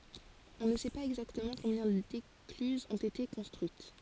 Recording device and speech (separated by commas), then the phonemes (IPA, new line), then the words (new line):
forehead accelerometer, read sentence
ɔ̃ nə sɛ paz ɛɡzaktəmɑ̃ kɔ̃bjɛ̃ deklyzz ɔ̃t ete kɔ̃stʁyit
On ne sait pas exactement combien d'écluses ont été construites.